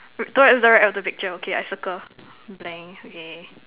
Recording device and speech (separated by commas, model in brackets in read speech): telephone, conversation in separate rooms